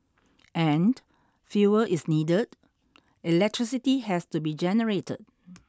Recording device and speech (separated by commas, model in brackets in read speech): standing microphone (AKG C214), read sentence